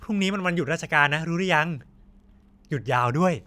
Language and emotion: Thai, happy